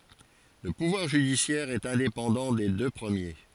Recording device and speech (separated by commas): forehead accelerometer, read sentence